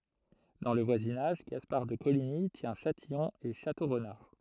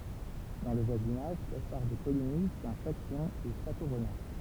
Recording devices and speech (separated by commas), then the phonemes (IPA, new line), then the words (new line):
throat microphone, temple vibration pickup, read sentence
dɑ̃ lə vwazinaʒ ɡaspaʁ də koliɲi tjɛ̃ ʃatijɔ̃ e ʃatoʁnaʁ
Dans le voisinage, Gaspard de Coligny tient Châtillon et Château-Renard.